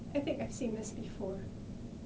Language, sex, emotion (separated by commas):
English, female, fearful